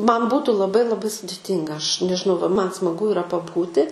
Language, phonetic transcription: Lithuanian, ˈman ˈbūtu laˈbai laˈbai sudiˈtynga ˈaš nežiˈnau va ˈman smaˈgu iˈra paˈbūti

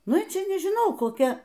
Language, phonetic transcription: Lithuanian, ˈnu ˈči nižiˈnau koˈkia

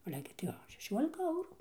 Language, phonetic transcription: Lithuanian, ˈale gi tai ˈo šeˈšiuolika ˈaurų

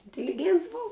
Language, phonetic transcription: Lithuanian, intiliˈgients ˈbuv

